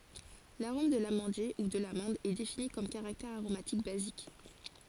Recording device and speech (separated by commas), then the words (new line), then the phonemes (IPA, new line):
forehead accelerometer, read sentence
L'arôme de l'amandier, ou de l'amande, est défini comme caractère aromatique basique.
laʁom də lamɑ̃dje u də lamɑ̃d ɛ defini kɔm kaʁaktɛʁ aʁomatik bazik